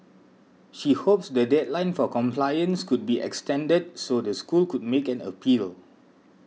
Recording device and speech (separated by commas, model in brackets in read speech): mobile phone (iPhone 6), read sentence